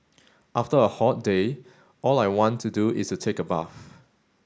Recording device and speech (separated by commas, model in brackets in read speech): standing microphone (AKG C214), read sentence